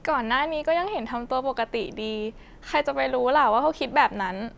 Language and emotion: Thai, neutral